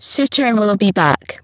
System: VC, spectral filtering